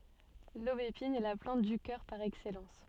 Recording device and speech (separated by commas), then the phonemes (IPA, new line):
soft in-ear microphone, read sentence
lobepin ɛ la plɑ̃t dy kœʁ paʁ ɛksɛlɑ̃s